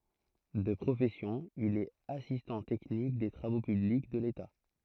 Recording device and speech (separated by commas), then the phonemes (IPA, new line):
throat microphone, read sentence
də pʁofɛsjɔ̃ il ɛt asistɑ̃ tɛknik de tʁavo pyblik də leta